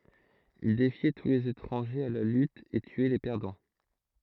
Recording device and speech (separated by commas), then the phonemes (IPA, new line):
throat microphone, read sentence
il defjɛ tu lez etʁɑ̃ʒez a la lyt e tyɛ le pɛʁdɑ̃